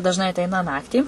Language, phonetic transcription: Lithuanian, dažˈnai atˈeina ˈnaktį

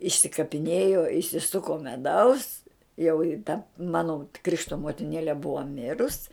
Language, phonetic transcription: Lithuanian, išsikapiˈnėjo išsiˈsuko meˈdaus jau i ta ˈmano ˈkrišto motiˈnėle ˈbua ˈmirus

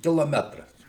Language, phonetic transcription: Lithuanian, kiloˈmetras

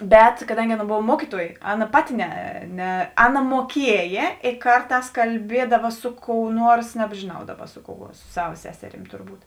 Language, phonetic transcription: Lithuanian, ˈbet kaˈdangi ˈaˌna ˈbov ˈmuokyˌtuojė ˈaˌna ˈpaˌti ˈne ˈne ˈaˌna muoˈkiejė ė ˈkarˌtās kalˈbiedava ˈsu ˌkou ˈnuors nebžėˈnau ˈdaˌba ˈsu ˌkou a su ˈsava ˈseseˌrym turˈbūt

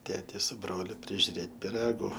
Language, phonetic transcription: Lithuanian, ˈtėti su ˈbroliu prižiuˈrėt piˈragu

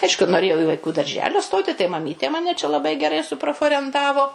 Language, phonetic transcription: Lithuanian, ˈaišku noˈrėjau i vaiˈkų darˈželio ˈstoti tai maˈmytė ˈmane čia laˈbai geˈrai suproforenˈtavo

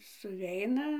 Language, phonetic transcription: Lithuanian, suˈveina

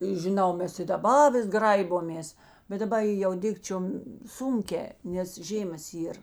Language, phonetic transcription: Lithuanian, i žiˈnau ˈmes i daˈba ˈvis ˈgraibomės bet daˈba i ˈjau ˈdikčiom ˈsunˌkē nes ˈžėmas ˈyr

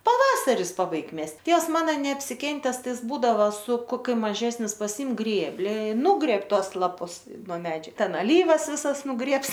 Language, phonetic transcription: Lithuanian, paˈvasaris paˈbaig ˈmest' ˈtėvs ˈmana neapsiˈkentes ˈtai ˈjis ˈbūdavo su koˈkiu maˈžesnis paˈsim ˈgrėbli i ˈnugreb ˈtos laˈpus no ˈmedžiu ˈten aˈlyvas ˈvisas nuˈgrėbs

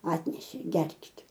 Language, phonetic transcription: Lithuanian, ˈatnešė ˈgerkit'

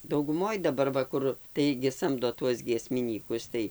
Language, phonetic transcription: Lithuanian, dauguˈmoj daˈbar ˈva ˈkur ˈtaigi ˈsamdo ˈtuos giesmiˈnykus ˈtai

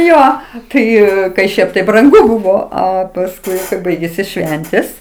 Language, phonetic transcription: Lithuanian, ˈjo ˈtai kai ˈšiaip tai branˈgu ˈbūvo ˈa pasˈkui ˈbaigėsi ˈšventės

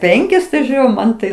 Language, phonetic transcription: Lithuanian, ˈpenkis tai ˈžiūriu ˈman tai

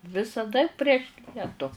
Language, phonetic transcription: Lithuanian, visaˈda prieš ˈlietu

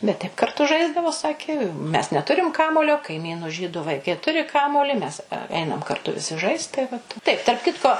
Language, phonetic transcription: Lithuanian, bet taip karˈtu ˈžaisdavo ˈsakė mes neˈturim ˈkamuolio kaiˈmynu ˈžydu vaiˈkai ˈturi ˈkamuoli ˈmes ˈeinam karˈtu viˈsi ˈžaist tai ˈvat taip tarp ˈkitko

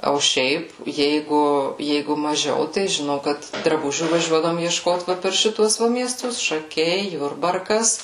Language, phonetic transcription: Lithuanian, o ˈšiaip ˈjeigu ˈjeigu maˈžiau tai žiˈnau kad draˈbužių vaˈžiuodavom iešˈkot ˈva per ˈšituos ˈva mieˈstus šaˈkiai ˈjurbarkas

